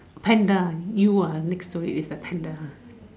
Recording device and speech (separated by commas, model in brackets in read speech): standing microphone, conversation in separate rooms